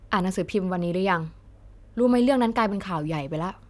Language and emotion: Thai, frustrated